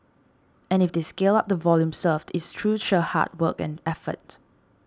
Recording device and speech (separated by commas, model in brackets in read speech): standing microphone (AKG C214), read sentence